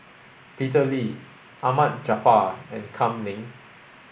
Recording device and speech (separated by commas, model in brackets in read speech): boundary microphone (BM630), read sentence